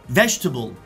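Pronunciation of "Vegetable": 'Vegetable' is pronounced correctly here.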